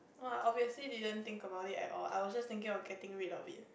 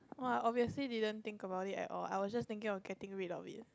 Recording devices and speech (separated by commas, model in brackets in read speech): boundary microphone, close-talking microphone, conversation in the same room